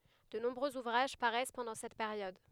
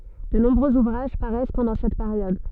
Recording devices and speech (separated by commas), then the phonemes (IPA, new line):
headset microphone, soft in-ear microphone, read sentence
də nɔ̃bʁøz uvʁaʒ paʁɛs pɑ̃dɑ̃ sɛt peʁjɔd